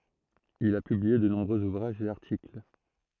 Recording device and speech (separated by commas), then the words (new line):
throat microphone, read sentence
Il a publié de nombreux ouvrages et articles.